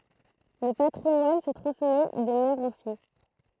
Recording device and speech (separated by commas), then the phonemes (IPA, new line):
throat microphone, read sentence
lə patʁimwan sə tʁɑ̃smɛ də mɛʁ ɑ̃ fij